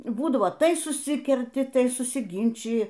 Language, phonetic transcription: Lithuanian, ˈbūdavo ˈtai suˈsikerti ˈtai susiˈginčiji

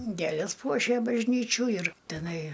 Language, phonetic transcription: Lithuanian, ˈgėlės ˈpuošė bažˈnyčių ir teˈnai

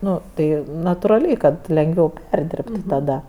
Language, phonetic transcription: Lithuanian, ˈnu ˈtai naturaˈliai ˈkad lenˈgviau ˈperdirbtu taˈda

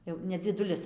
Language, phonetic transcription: Lithuanian, ˈjau ne dzieˈdulis

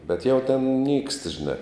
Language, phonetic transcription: Lithuanian, bet jau ten nykst žiˈna

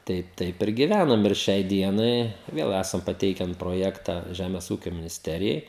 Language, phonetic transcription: Lithuanian, ˈtai ˈtaip ir giˈvænam ir ˈšiai ˈdienai ˈvėl ˈesam paˈteiken proˈjekta ˈžæmes ˈūkio minisˈterijai

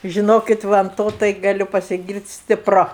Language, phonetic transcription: Lithuanian, žiˈnokit ˈva an ˈto tai gaˈliu pasiˈgyrt' stiˈpru

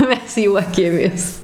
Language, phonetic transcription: Lithuanian, ˈmes ˈjuokėmės

